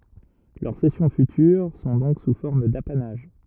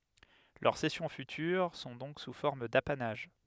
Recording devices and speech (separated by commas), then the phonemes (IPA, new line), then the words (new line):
rigid in-ear microphone, headset microphone, read sentence
lœʁ sɛsjɔ̃ fytyʁ sɔ̃ dɔ̃k su fɔʁm dapanaʒ
Leurs cessions futures sont donc sous forme d'apanage.